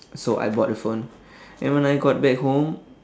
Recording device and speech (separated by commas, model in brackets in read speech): standing microphone, conversation in separate rooms